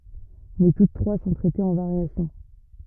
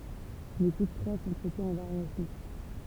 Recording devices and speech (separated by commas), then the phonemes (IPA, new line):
rigid in-ear microphone, temple vibration pickup, read sentence
mɛ tut tʁwa sɔ̃ tʁɛtez ɑ̃ vaʁjasjɔ̃